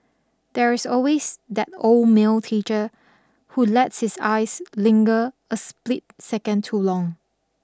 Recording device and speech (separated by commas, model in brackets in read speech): standing microphone (AKG C214), read sentence